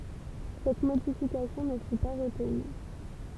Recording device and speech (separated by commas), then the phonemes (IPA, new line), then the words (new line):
temple vibration pickup, read sentence
sɛt modifikasjɔ̃ nə fy pa ʁətny
Cette modification ne fut pas retenue.